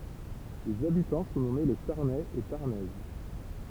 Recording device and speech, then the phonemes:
temple vibration pickup, read sentence
lez abitɑ̃ sɔ̃ nɔme le taʁnɛz e taʁnɛz

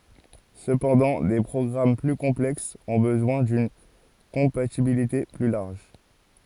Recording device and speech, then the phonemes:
forehead accelerometer, read sentence
səpɑ̃dɑ̃ de pʁɔɡʁam ply kɔ̃plɛksz ɔ̃ bəzwɛ̃ dyn kɔ̃patibilite ply laʁʒ

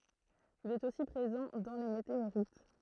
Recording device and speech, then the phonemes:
throat microphone, read sentence
il ɛt osi pʁezɑ̃ dɑ̃ le meteoʁit

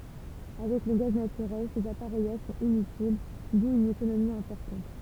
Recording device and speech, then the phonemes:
temple vibration pickup, read sentence
avɛk lə ɡaz natyʁɛl sez apaʁɛjaʒ sɔ̃t inytil du yn ekonomi ɛ̃pɔʁtɑ̃t

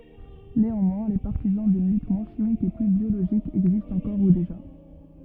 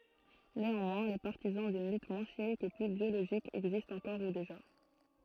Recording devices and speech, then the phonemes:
rigid in-ear microphone, throat microphone, read sentence
neɑ̃mwɛ̃ le paʁtizɑ̃ dyn lyt mwɛ̃ ʃimik e ply bjoloʒik ɛɡzistt ɑ̃kɔʁ u deʒa

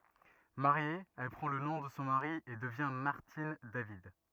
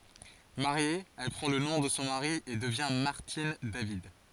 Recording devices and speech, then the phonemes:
rigid in-ear microphone, forehead accelerometer, read sentence
maʁje ɛl pʁɑ̃ lə nɔ̃ də sɔ̃ maʁi e dəvjɛ̃ maʁtin david

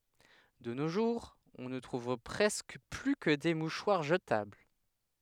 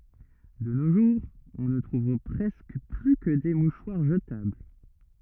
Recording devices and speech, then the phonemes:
headset microphone, rigid in-ear microphone, read sentence
də no ʒuʁz ɔ̃ nə tʁuv pʁɛskə ply kə de muʃwaʁ ʒətabl

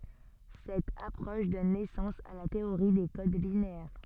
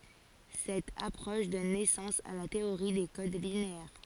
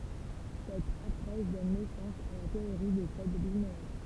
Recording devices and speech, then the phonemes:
soft in-ear microphone, forehead accelerometer, temple vibration pickup, read sentence
sɛt apʁɔʃ dɔn nɛsɑ̃s a la teoʁi de kod lineɛʁ

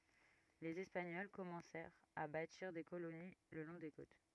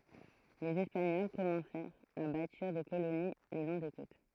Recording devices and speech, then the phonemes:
rigid in-ear microphone, throat microphone, read sentence
lez ɛspaɲɔl kɔmɑ̃sɛʁt a batiʁ de koloni lə lɔ̃ de kot

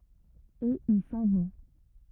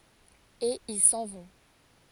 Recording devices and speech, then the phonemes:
rigid in-ear microphone, forehead accelerometer, read sentence
e il sɑ̃ vɔ̃

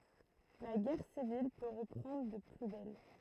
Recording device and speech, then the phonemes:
throat microphone, read sentence
la ɡɛʁ sivil pø ʁəpʁɑ̃dʁ də ply bɛl

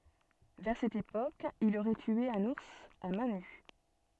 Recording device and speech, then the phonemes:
soft in-ear microphone, read sentence
vɛʁ sɛt epok il oʁɛ tye œ̃n uʁs a mɛ̃ ny

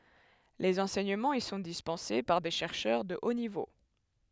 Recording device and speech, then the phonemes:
headset microphone, read sentence
lez ɑ̃sɛɲəmɑ̃z i sɔ̃ dispɑ̃se paʁ de ʃɛʁʃœʁ də o nivo

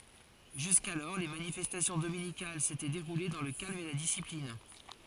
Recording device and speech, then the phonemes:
forehead accelerometer, read sentence
ʒyskalɔʁ le manifɛstasjɔ̃ dominikal setɛ deʁule dɑ̃ lə kalm e la disiplin

